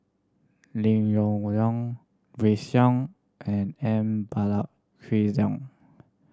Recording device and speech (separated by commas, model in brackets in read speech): standing microphone (AKG C214), read sentence